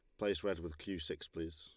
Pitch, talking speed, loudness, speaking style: 85 Hz, 265 wpm, -41 LUFS, Lombard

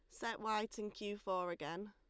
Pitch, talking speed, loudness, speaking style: 205 Hz, 210 wpm, -42 LUFS, Lombard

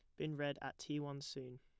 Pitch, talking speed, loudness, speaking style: 140 Hz, 260 wpm, -45 LUFS, plain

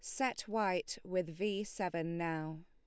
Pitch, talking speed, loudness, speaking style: 185 Hz, 145 wpm, -38 LUFS, Lombard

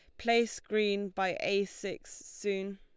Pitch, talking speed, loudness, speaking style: 200 Hz, 140 wpm, -32 LUFS, Lombard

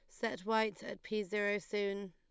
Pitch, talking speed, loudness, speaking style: 205 Hz, 190 wpm, -37 LUFS, Lombard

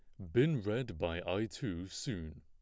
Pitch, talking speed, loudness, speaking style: 95 Hz, 175 wpm, -37 LUFS, plain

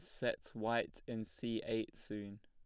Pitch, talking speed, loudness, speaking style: 110 Hz, 165 wpm, -41 LUFS, plain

